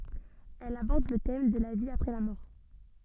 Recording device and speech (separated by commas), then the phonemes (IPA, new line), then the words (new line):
soft in-ear microphone, read sentence
ɛl abɔʁd lə tɛm də la vi apʁɛ la mɔʁ
Elle aborde le thème de la vie après la mort.